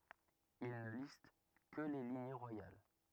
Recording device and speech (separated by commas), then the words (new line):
rigid in-ear microphone, read sentence
Il ne liste que les lignées royales.